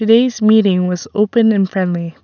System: none